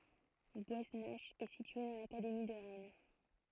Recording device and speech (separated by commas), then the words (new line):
throat microphone, read sentence
Gouesnach est située dans l'académie de Rennes.